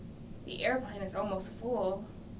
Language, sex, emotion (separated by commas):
English, female, fearful